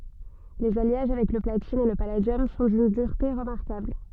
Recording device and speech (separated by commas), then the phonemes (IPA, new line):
soft in-ear microphone, read sentence
lez aljaʒ avɛk lə platin e lə paladjɔm sɔ̃ dyn dyʁte ʁəmaʁkabl